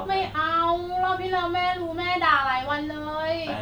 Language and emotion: Thai, frustrated